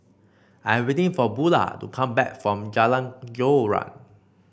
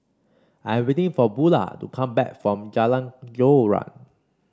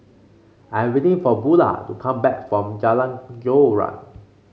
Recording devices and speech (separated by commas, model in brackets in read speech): boundary microphone (BM630), standing microphone (AKG C214), mobile phone (Samsung C5), read sentence